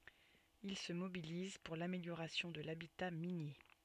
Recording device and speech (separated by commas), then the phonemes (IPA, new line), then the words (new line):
soft in-ear microphone, read sentence
il sə mobiliz puʁ lameljoʁasjɔ̃ də labita minje
Il se mobilise pour l'amélioration de l'habitat minier.